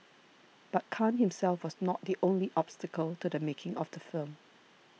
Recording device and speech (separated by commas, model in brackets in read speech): mobile phone (iPhone 6), read sentence